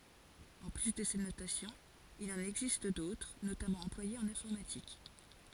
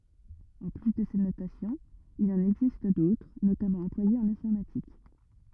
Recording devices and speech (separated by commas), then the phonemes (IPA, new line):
forehead accelerometer, rigid in-ear microphone, read sentence
ɑ̃ ply də sɛt notasjɔ̃ il ɑ̃n ɛɡzist dotʁ notamɑ̃ ɑ̃plwajez ɑ̃n ɛ̃fɔʁmatik